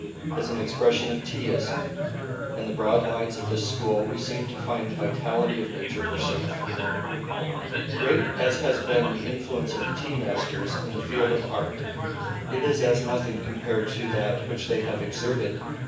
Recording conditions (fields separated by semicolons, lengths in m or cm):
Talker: one person; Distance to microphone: 9.8 m; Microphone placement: far; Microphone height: 1.8 m; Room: large; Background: babble